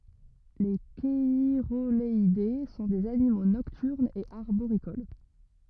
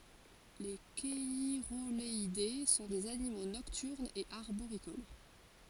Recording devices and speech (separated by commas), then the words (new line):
rigid in-ear microphone, forehead accelerometer, read sentence
Les cheirogaleidés sont des animaux nocturnes et arboricoles.